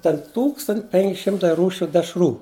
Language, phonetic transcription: Lithuanian, ten ˈtūkstant' penk' ˈšimtai ˈrūšiu dešˈrų

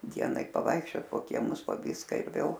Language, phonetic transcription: Lithuanian, ˈdienai paˈvaikščiot po kieˈmus po ˈvyska ir ˈvėl

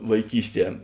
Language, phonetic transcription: Lithuanian, vaiˈkysˌtie

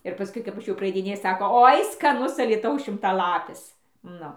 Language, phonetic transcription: Lithuanian, ir paˈskui kap ˈaš jau praaidiˈnėju ˈsako ˈoi skaˈnus alyˈtaus šimtaˈlapis ˈnu

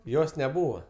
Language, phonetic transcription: Lithuanian, ˈjos neˈbūva

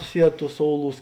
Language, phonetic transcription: Lithuanian, ˈsied ˈtūs ˈsouˌlūs

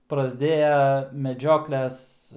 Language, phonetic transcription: Lithuanian, prasˈdėja meˈdžiokles

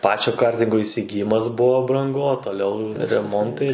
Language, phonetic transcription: Lithuanian, ˈpačio ˈkartingo įsigiˈjimas ˈbuvo branˈgu o toˈliau reˈmontai

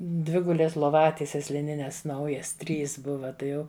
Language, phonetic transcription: Lithuanian, ˈdvigulės loˈvatieses liˈnines ˈnaujas ˈtrys ˈbuva ˈtai ˈjau

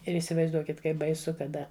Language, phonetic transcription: Lithuanian, ir įsivaizˈduokit ˈkaip baiˈsu kaˈda

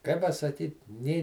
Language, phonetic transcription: Lithuanian, kai pasaˈkyt nė

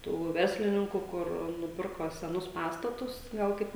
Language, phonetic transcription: Lithuanian, ˈtų ˈverslininku ˈkur nuˈpirko seˈnus ˈpastatus ˈgal kaip

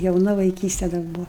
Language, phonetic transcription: Lithuanian, jauˈna vaiˈkyste dar ˈbuva

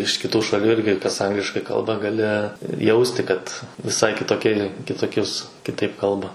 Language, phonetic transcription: Lithuanian, iš kiˈtų šaˈlių ˈirgi kas ˈangliškai ˈkalba gaˈli ˈjausti kad viˈsai kitoˈkie kitoˈkius kiˈtaip ˈkalba

